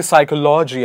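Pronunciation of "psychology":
'Psychology' is pronounced incorrectly here.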